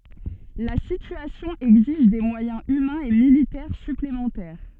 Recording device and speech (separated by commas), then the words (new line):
soft in-ear microphone, read sentence
La situation exige des moyens humains et militaires supplémentaires.